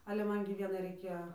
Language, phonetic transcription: Lithuanian, ˈale ˈman gi ˈvienai raiˈkėjo

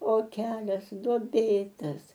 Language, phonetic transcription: Lithuanian, o ˈkelias duoˈbėtas

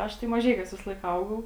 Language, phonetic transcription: Lithuanian, ˈaš tai maˈžeikiuos visaˈlaik ˈaugau

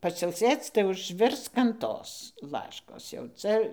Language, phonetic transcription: Lithuanian, pasilˈsėc tai užˈvirsk an ˈtos ˈlaškos jau ˈcia

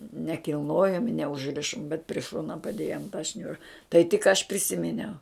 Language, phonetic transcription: Lithuanian, nekilˈnojom neužˈrišom bet pri ˈšona paˈdėjom ta ˈšniura tai tik ˈaš priˈsiminiau

